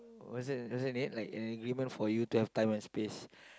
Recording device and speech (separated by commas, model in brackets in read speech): close-talking microphone, conversation in the same room